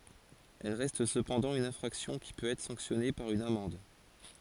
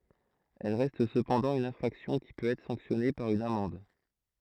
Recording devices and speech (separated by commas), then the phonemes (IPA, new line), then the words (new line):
forehead accelerometer, throat microphone, read sentence
ɛl ʁɛst səpɑ̃dɑ̃ yn ɛ̃fʁaksjɔ̃ ki pøt ɛtʁ sɑ̃ksjɔne paʁ yn amɑ̃d
Elles restent cependant une infraction qui peut être sanctionnée par une amende.